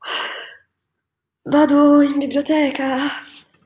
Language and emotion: Italian, fearful